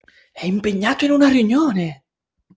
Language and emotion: Italian, surprised